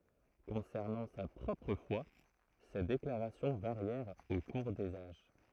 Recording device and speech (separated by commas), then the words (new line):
throat microphone, read sentence
Concernant sa propre foi, ses déclarations varièrent au cours des âges.